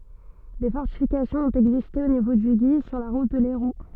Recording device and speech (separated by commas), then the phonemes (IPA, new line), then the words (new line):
soft in-ear microphone, read sentence
de fɔʁtifikasjɔ̃z ɔ̃t ɛɡziste o nivo dy ɡi syʁ la ʁut də lɛʁu
Des fortifications ont existé au niveau du Guy, sur la route de Lairoux.